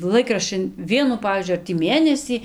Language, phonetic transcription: Lithuanian, ˈlaikraščin ˈvienu ˈpavyzdžiui ˈar tį ˈmėnesį

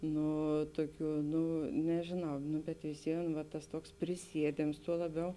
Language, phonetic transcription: Lithuanian, ˈnu ˈtuoˌkių ˈnu nežėˈnau nu bet visˈvien va tas ˈtuoks priˈsiedėms tuo laˈbiau

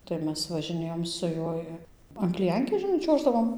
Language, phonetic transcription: Lithuanian, tai ˈmes važiˈnėjom su ˈjuoj an kliˈjankės žiˈnai ˈčiuoždavom

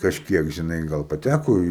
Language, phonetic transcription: Lithuanian, kažˈkiek žiˈnai ˈgal paˈtæko į

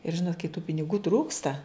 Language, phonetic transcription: Lithuanian, ir ˈžinot kai tų piniˈgų ˈtrūksta

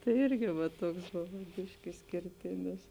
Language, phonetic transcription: Lithuanian, tai ˈirgi va ˈtuoks ˈbovo ˈbiški išskirˈtinis

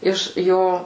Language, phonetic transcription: Lithuanian, ˈiš ˈjo

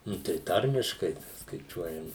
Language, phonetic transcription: Lithuanian, ˈnu tai ˈtarmiškai skaiˈčiuojam

